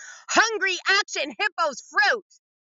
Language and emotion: English, disgusted